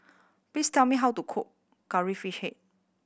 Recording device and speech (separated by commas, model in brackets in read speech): boundary microphone (BM630), read sentence